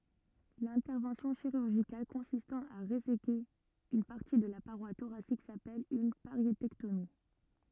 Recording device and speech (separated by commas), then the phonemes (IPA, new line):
rigid in-ear microphone, read sentence
lɛ̃tɛʁvɑ̃sjɔ̃ ʃiʁyʁʒikal kɔ̃sistɑ̃ a ʁezeke yn paʁti də la paʁwa toʁasik sapɛl yn paʁjetɛktomi